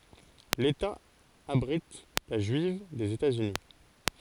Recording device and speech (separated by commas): forehead accelerometer, read sentence